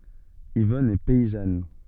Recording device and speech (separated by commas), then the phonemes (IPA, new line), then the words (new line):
soft in-ear microphone, read sentence
ivɔn ɛ pɛizan
Yvonne est paysanne.